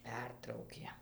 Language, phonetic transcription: Lithuanian, ˈpertraukė

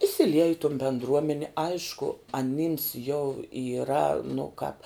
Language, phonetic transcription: Lithuanian, įsiˈliej i ton bendˈruomeni ˈaišku aˈnims jau yˈra nu kāp

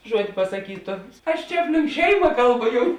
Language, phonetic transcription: Lithuanian, ˈžuod' pasaˈkytu aš ˈčia ˈapˌlink ˈšeima ˈkalˌbu ˈjum

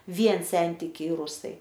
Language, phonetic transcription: Lithuanian, ˈvien ˈsentikiai ˈrusai

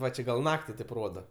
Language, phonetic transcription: Lithuanian, ˈva čia gal ˈnakti taip ˈroda

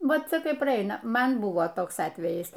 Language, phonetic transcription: Lithuanian, ˈvat ˈcia ˈkai praˈaina ˈman ˈbuvo ˈtoks ˈatvejis

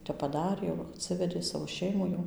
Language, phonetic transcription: Lithuanian, ˈtep paˈdarė jau atˈsivedė ˈsavo ˈšeimų jau

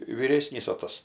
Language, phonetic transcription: Lithuanian, vyˈrėsnys o ˈtas

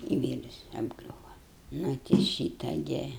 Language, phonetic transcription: Lithuanian, i ˈvyrs apˈgriūva ˈnu ti ˈšyta ˈgi

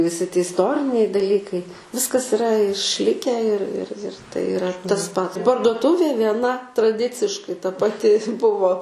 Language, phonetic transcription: Lithuanian, viˈsi ti isˈtoriniai daˈlykai ˈviskas iˈra išˈlikę ir ir ir ˈtai iˈra tas ˈpat parduoˈtuvė vieˈna traˈdiciškai ta paˈti ˈbuvo

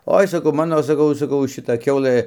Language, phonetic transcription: Lithuanian, ˈoi saˈkau ˈmano saˈkau saˈkau šiˈta ˈkiaulɘ

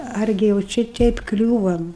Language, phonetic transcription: Lithuanian, ˈargi jau ˈčia ˈteip ˈkliūvam

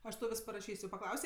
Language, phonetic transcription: Lithuanian, ˈaš tau ˈvis paraˈšys' jau paˈklausė

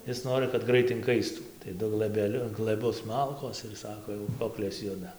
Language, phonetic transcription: Lithuanian, ˈis ˈnorɨ kad ˈgrait inˈkaistų tai ˈdu glɘbeˈliu glɘˈbus ˈmalkos ir ˈsako jau ˈkoklės ˈjuda

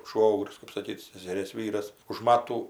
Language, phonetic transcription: Lithuanian, ˈšvogrius kɜp saˈkyt seseˈrės ˈvyras už ˈmatų

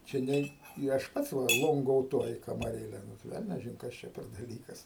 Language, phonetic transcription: Lithuanian, čia ˈnei i ˈaš ˈpats ˈva ˌlongouˈtuoji kamaˈrėle ˈnu ˈvelniažin ˈkas čia per daˈlykas

